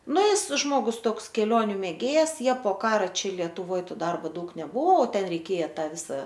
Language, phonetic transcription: Lithuanian, ˈnu ˈjis ˈžmogus ˈtoks keˈlioniu mėˈgėjas ˈjie po ˈkara ˈčia lietuˈvoj ˈto ˈdarbo ˈdaug neˈbuvo o ˈten reiˈkėja ˈta ˈvisa

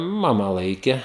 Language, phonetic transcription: Lithuanian, ˈmama ˈlaike

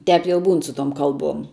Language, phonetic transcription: Lithuanian, ˈtep jau ˈbūn su tom ˈkalˌbuom

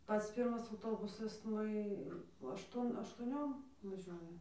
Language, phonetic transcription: Lithuanian, ˈpats ˈpyrmas auˈtobusas ˈnu i ašˈtuon aštuoˈniom vaˈžiuoja

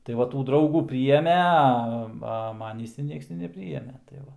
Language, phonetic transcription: Lithuanian, tai ˈva ˈtų ˈdraugų pryˈjėmė a ˈva ˈmanįs ir ˈnieks ti nepˈryjėmė tai ˈva

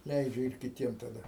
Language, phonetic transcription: Lithuanian, ˈleidžia ir kiˈtiem taˈda

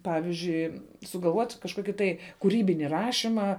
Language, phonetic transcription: Lithuanian, ˈpavizdžiui sugalˈvuot' kažˈkoki tai kuˈrybini ˈrašimą

